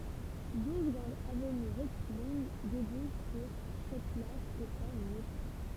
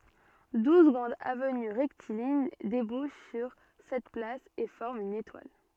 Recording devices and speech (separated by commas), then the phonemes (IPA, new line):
temple vibration pickup, soft in-ear microphone, read sentence
duz ɡʁɑ̃dz avəny ʁɛktiliɲ debuʃ syʁ sɛt plas e fɔʁmt yn etwal